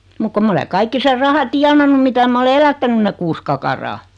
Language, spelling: Finnish, mutta kun minä olen kaikki sen rahan tienannut mitä minä olen elättänyt ne kuusi kakaraa
- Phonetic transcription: muk kom 'm ‿ole 'kaikki ser 'raha "tianannu 'mitä mä 'ole "elättänyn ne 'kuus kakaraa .

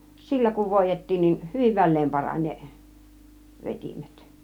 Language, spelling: Finnish, sillä kun voidettiin niin hyvin väleen parani ne vetimet
- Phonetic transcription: sillä kuv "vòij̆jet̀tiin nin , "hyviv 'väl̆leem 'paran ne , "vet͕imet .

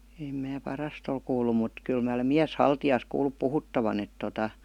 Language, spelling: Finnish, en minä parasta ole kuullut mutta kyllä minä olen mieshaltijasta kuullut puhuttavan että tuota
- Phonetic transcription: èm mää 'parast ‿ol kuullu mut , kyl mää olem miäs"haltijaas kuullup 'puhuttavan ‿et tota ,.

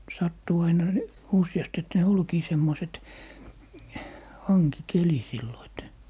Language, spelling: Finnish, sattuu aina niin useasti että ne olikin semmoiset hankikeli silloin että
- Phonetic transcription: 'sattuu aina ni , 'usⁱjast ‿et ne "olkii 'semmoset , "haŋki'keli sillo et ,.

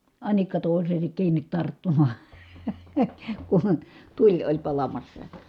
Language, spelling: Finnish, anikka toiseensa kiinni tarttumaan kun tuli oli palamassa
- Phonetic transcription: anikka tòiseesek kiiǹit tarttumAA , kuN , tuĺ oĺ palamassa .

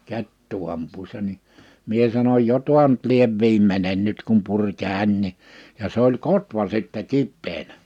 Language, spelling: Finnish, kettua ampuessa niin minä sanoin jo tuo nyt lie viimeinen nyt kun puri kädenkin ja se oli kotvan sitten kipeänä
- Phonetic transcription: 'kettuu amp̆puissa ni , 'mie sanoj » "jo toa nʸt 'liev 'viimmenen 'nyt kum puŕ 'kä̀innii « , ja se ‿oĺ "kotvan sittɛ 'kippeenä .

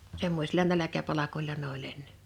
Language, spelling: Finnish, semmoisilla nälkäpalkoilla ne oli ennen
- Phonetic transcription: 'semmośila 'näläkäpalakol̆la n ‿o'ĺ ‿enne .

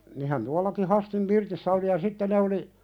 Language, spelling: Finnish, niinhän tuollakin Hastin pirtissä oli ja sitten ne oli
- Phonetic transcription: nihän 'tualaki "Hastim 'pirtissä oli ja 'sitte ne oli .

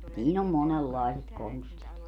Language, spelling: Finnish, siinä on monenlaiset konstit
- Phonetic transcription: siin ‿om 'monellàeset 'konstit .

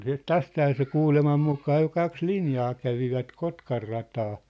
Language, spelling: Finnish, sitten tästähän se kuuleman mukaan jo kaksi linjaa kävivät Kotkanrataa
- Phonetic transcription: siit "tästhää se "kuulemam 'mukaa jo 'kaks "linjaa 'kävivät "Kotkarrataa .

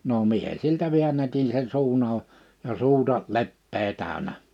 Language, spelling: Finnish, no minä siltä väännätin sen suun auki ja suuta leppää täynnä
- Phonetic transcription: no 'mie siltä 'viännätin̬ sen 'suun ‿ào , ja 'suuta̳ 'leppee 'tä̀önä .

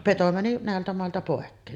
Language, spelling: Finnish, peto meni näiltä mailta pois
- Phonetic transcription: 'peto mäni 'nä̀eltä màelta pòekkeen .

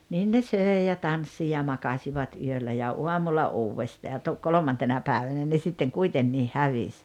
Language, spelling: Finnish, niin ne söi ja tanssi ja makasivat yöllä ja aamulla uudestaan ja - kolmantena päivänä ne sitten kuitenkin hävisi
- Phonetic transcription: niin ne "sö̀i̬ ja "tanssi ja 'makaśivat 'yöllä ja 'uamulla "uuwvestaa ja tu- , "kolomantena 'päävänä ne sitteŋ 'kuitennii "hävis .

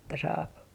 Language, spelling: Finnish, että saa
- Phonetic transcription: että saap .

